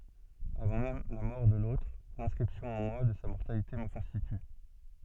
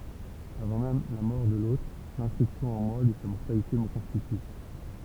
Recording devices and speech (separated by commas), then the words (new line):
soft in-ear microphone, temple vibration pickup, read sentence
Avant même la mort de l'autre, l'inscription en moi de sa mortalité me constitue.